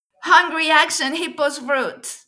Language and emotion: English, happy